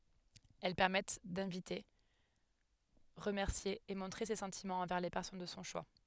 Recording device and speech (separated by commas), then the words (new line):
headset microphone, read sentence
Elles permettent d'inviter, remercier et montrer ses sentiments envers les personnes de son choix.